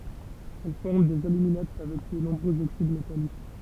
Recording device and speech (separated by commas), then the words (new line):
temple vibration pickup, read sentence
Elle forme des aluminates avec de nombreux oxydes métalliques.